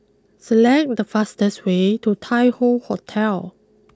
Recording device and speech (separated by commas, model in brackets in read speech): close-talking microphone (WH20), read sentence